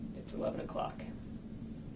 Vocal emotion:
neutral